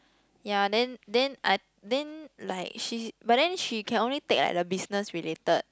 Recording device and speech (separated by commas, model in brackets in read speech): close-talking microphone, conversation in the same room